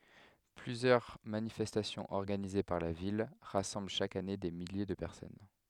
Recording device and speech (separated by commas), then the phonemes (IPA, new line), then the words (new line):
headset microphone, read sentence
plyzjœʁ manifɛstasjɔ̃z ɔʁɡanize paʁ la vil ʁasɑ̃bl ʃak ane de milje də pɛʁsɔn
Plusieurs manifestations organisées par la Ville rassemblent chaque année des milliers de personnes.